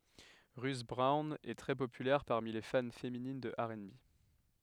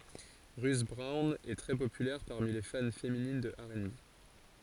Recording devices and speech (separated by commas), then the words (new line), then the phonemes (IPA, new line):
headset microphone, forehead accelerometer, read sentence
Ruth Brown est très populaire parmi les fans féminines de R&B.
ʁyt bʁɔwn ɛ tʁɛ popylɛʁ paʁmi le fan feminin də ɛʁ e be